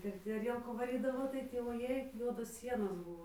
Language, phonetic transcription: Lithuanian, ir ti aˈrielkų vaˈrydavo tai ˈtį voˈjėi ˈjuodos ˈsienos ˈbuvo

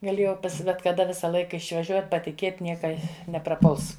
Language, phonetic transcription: Lithuanian, gaˈlėjau bet kaˈda ˈvisa ˈlaika išvaˈžiuot' patiˈkėt' ˈnieka nepraˈpuls

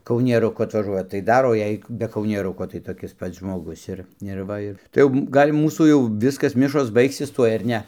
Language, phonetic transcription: Lithuanian, kaunieruˈku atvaˈžuoja tai ˈdar o ˈjei be kaunieˈruko tai toˈkis ˈpats žmoˈgus ir ir ˈva i tai ˈjau ˈgal' ˈmūsų jau ˈviskas ˈmišos ˈbaigsis ˈtuoj ar ˈne

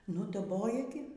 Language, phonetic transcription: Lithuanian, ˈnu daˈboja gi

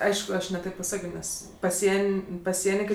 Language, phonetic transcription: Lithuanian, ˈaišku ˈaš ne ˈtėp paˈsakio ˈnes paˈsien' paˈsieni ˈkai

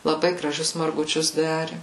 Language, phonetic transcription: Lithuanian, laˈbai graˈžius marguˈčius ˈdari

